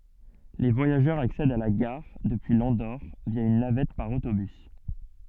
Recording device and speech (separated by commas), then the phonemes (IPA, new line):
soft in-ear microphone, read sentence
le vwajaʒœʁz aksɛdt a la ɡaʁ dəpyi lɑ̃doʁ vja yn navɛt paʁ otobys